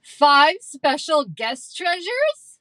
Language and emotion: English, disgusted